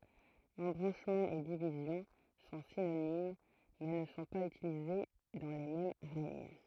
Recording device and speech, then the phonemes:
throat microphone, read sentence
ɑ̃bʁɑ̃ʃmɑ̃ e divizjɔ̃ sɔ̃ sinonim mɛ nə sɔ̃ paz ytilize dɑ̃ le mɛm ʁɛɲ

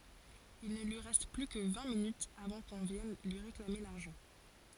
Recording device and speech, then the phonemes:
forehead accelerometer, read sentence
il nə lyi ʁɛst ply kə vɛ̃ minytz avɑ̃ kɔ̃ vjɛn lyi ʁeklame laʁʒɑ̃

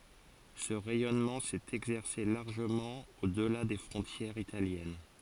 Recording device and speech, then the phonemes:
forehead accelerometer, read sentence
sə ʁɛjɔnmɑ̃ sɛt ɛɡzɛʁse laʁʒəmɑ̃ odla de fʁɔ̃tjɛʁz italjɛn

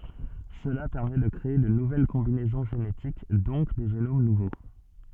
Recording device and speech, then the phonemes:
soft in-ear microphone, read sentence
səla pɛʁmɛ də kʁee də nuvɛl kɔ̃binɛzɔ̃ ʒenetik dɔ̃k de ʒenom nuvo

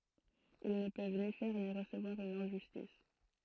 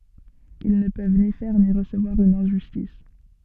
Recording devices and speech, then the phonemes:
throat microphone, soft in-ear microphone, read sentence
il nə pøv ni fɛʁ ni ʁəsəvwaʁ yn ɛ̃ʒystis

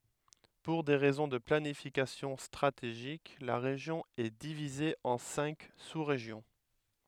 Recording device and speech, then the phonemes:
headset microphone, read sentence
puʁ de ʁɛzɔ̃ də planifikasjɔ̃ stʁateʒik la ʁeʒjɔ̃ ɛ divize ɑ̃ sɛ̃k susʁeʒjɔ̃

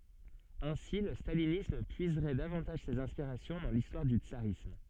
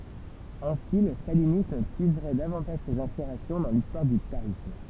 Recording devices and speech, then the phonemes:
soft in-ear microphone, temple vibration pickup, read sentence
ɛ̃si lə stalinism pyizʁɛ davɑ̃taʒ sez ɛ̃spiʁasjɔ̃ dɑ̃ listwaʁ dy tsaʁism

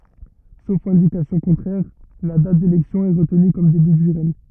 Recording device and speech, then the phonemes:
rigid in-ear microphone, read sentence
sof ɛ̃dikasjɔ̃ kɔ̃tʁɛʁ la dat delɛksjɔ̃ ɛ ʁətny kɔm deby dy ʁɛɲ

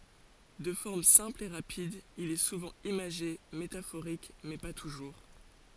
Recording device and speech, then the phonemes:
forehead accelerometer, read sentence
də fɔʁm sɛ̃pl e ʁapid il ɛ suvɑ̃ imaʒe metafoʁik mɛ pa tuʒuʁ

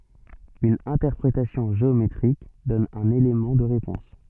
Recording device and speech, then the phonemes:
soft in-ear microphone, read sentence
yn ɛ̃tɛʁpʁetasjɔ̃ ʒeometʁik dɔn œ̃n elemɑ̃ də ʁepɔ̃s

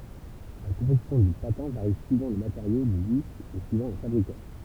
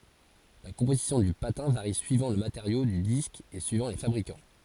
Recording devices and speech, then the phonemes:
temple vibration pickup, forehead accelerometer, read sentence
la kɔ̃pozisjɔ̃ dy patɛ̃ vaʁi syivɑ̃ lə mateʁjo dy disk e syivɑ̃ le fabʁikɑ̃

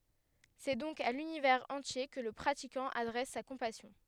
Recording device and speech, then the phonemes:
headset microphone, read sentence
sɛ dɔ̃k a lynivɛʁz ɑ̃tje kə lə pʁatikɑ̃ adʁɛs sa kɔ̃pasjɔ̃

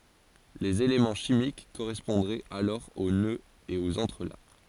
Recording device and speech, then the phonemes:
forehead accelerometer, read sentence
lez elemɑ̃ ʃimik koʁɛspɔ̃dʁɛt alɔʁ o nøz e oz ɑ̃tʁəlak

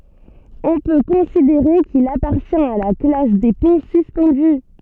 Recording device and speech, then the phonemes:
soft in-ear microphone, read sentence
ɔ̃ pø kɔ̃sideʁe kil apaʁtjɛ̃t a la klas de pɔ̃ syspɑ̃dy

